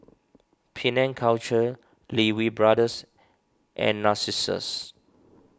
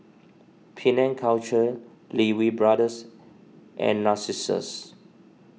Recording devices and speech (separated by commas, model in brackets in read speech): standing microphone (AKG C214), mobile phone (iPhone 6), read sentence